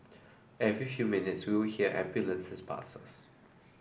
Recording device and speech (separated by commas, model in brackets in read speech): boundary microphone (BM630), read sentence